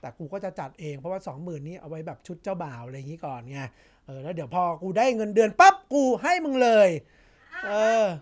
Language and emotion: Thai, frustrated